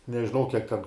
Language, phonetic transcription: Lithuanian, nežiˈnau ˈkiek ten

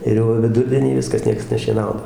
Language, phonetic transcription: Lithuanian, ir ˈjau viˈdurdienį ˈviskas ˈnieks nešieˈnauna

